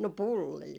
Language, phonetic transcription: Finnish, 'no "pullii .
- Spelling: no pullia

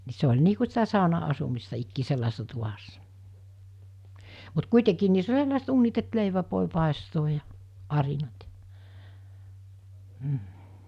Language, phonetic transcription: Finnish, ni 'se oĺ nii ku sitä 'sàona₍asu-mistä ikkii 'sellaesᴇssa tuvassa , mut 'kuitekiin niiss ‿oĺ 'sellàeset uunit et 'leiväv vòe pàestooj ja , 'arinat (ja) , m̥ .
- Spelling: niin se oli niin kuin sitä sauna-asumista ikään sellaisessa tuvassa mutta kuitenkin niissä oli sellaiset uunit että leivän voi paistaa ja arinat ja mm

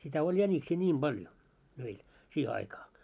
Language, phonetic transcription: Finnish, sitä 'oĺ 'jäńiksii 'ńiim ʙaljo , meil , 'siihe aikaa .
- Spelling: sitä oli jäniksiä niin paljon meillä siihen aikaa

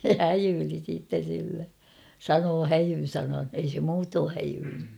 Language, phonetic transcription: Finnish, se "häjyyli siitten̬ sille , "sanoo "häjyn̬ 'sanan , ei se 'muutoo häjyylly .
- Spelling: se häijyili sitten sille sanoi häijyn sanan ei se muuten häijyillyt

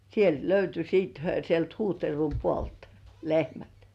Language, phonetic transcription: Finnish, 'sielt löyty siit , (hyö) 'sielt Huuhtervum 'puolt , "lehmät .
- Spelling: sieltä löytyi sitten he sieltä Huhtervun puolelta lehmät

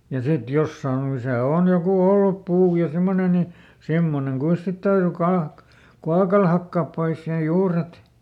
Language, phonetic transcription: Finnish, ja ˈsit "jossaan ‿o misä ˈòn joku "ollup ˈpuu ja ˈsimmone ni ˈsimmoneŋ ˈkuis sit täyry ˈkaak- , "kuakal ˈhakkaap ˈpois sen "juuret ,.
- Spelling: ja sitten jossakin on missä on joku ollut puu ja semmoinen niin semmoinen kuinka sitä täytyi - kuokalla hakata pois sen juuret

